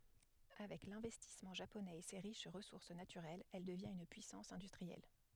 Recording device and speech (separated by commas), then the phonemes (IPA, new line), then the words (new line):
headset microphone, read sentence
avɛk lɛ̃vɛstismɑ̃ ʒaponɛz e se ʁiʃ ʁəsuʁs natyʁɛlz ɛl dəvjɛ̃t yn pyisɑ̃s ɛ̃dystʁiɛl
Avec l'investissement japonais et ses riches ressources naturelles, elle devient une puissance industrielle.